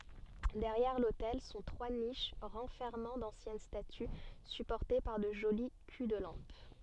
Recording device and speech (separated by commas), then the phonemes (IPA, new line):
soft in-ear microphone, read sentence
dɛʁjɛʁ lotɛl sɔ̃ tʁwa niʃ ʁɑ̃fɛʁmɑ̃ dɑ̃sjɛn staty sypɔʁte paʁ də ʒoli ky də lɑ̃p